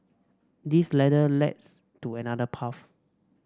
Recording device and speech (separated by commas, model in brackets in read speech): standing microphone (AKG C214), read sentence